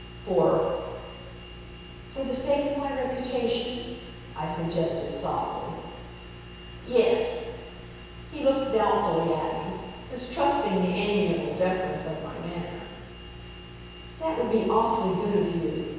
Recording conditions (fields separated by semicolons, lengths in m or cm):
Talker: one person; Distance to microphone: 7.1 m; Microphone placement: far; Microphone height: 1.7 m; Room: very reverberant, large; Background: none